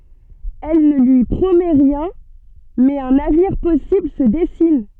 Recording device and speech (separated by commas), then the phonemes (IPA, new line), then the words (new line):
soft in-ear microphone, read sentence
ɛl nə lyi pʁomɛ ʁjɛ̃ mɛz œ̃n avniʁ pɔsibl sə dɛsin
Elle ne lui promet rien, mais un avenir possible se dessine.